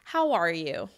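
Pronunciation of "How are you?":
'How are you?' has a tone of sympathy and concern. The voice has a little fall at the end, so it sounds like a statement rather than a real question.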